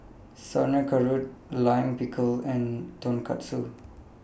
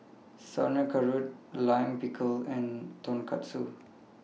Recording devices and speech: boundary microphone (BM630), mobile phone (iPhone 6), read sentence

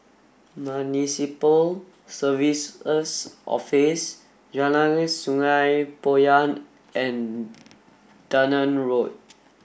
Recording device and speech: boundary microphone (BM630), read sentence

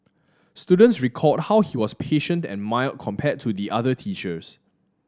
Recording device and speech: standing microphone (AKG C214), read sentence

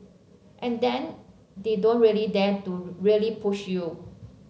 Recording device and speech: mobile phone (Samsung C7), read sentence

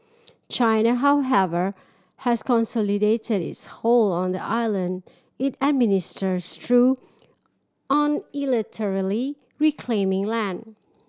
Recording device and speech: standing microphone (AKG C214), read sentence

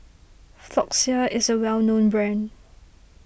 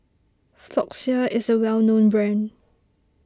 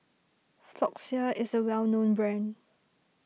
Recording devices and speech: boundary microphone (BM630), standing microphone (AKG C214), mobile phone (iPhone 6), read sentence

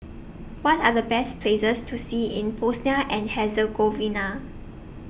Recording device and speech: boundary microphone (BM630), read sentence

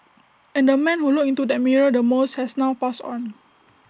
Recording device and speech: standing microphone (AKG C214), read sentence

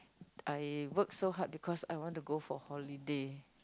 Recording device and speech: close-talking microphone, conversation in the same room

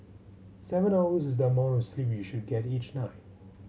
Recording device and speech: mobile phone (Samsung C7100), read sentence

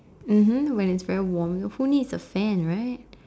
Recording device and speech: standing microphone, conversation in separate rooms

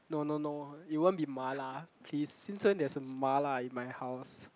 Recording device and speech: close-talking microphone, conversation in the same room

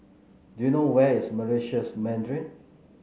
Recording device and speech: mobile phone (Samsung C9), read sentence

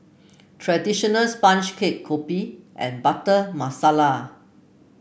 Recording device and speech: boundary microphone (BM630), read sentence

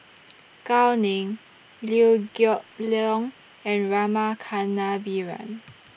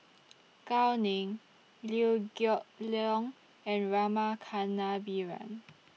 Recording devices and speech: boundary microphone (BM630), mobile phone (iPhone 6), read sentence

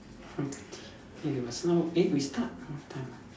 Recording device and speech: standing microphone, conversation in separate rooms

